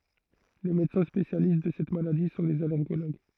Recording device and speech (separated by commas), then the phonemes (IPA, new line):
throat microphone, read sentence
le medəsɛ̃ spesjalist də sɛt maladi sɔ̃ lez alɛʁɡoloɡ